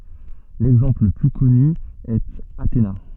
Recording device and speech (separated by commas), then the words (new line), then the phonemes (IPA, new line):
soft in-ear microphone, read sentence
L'exemple le plus connu est Athéna.
lɛɡzɑ̃pl lə ply kɔny ɛt atena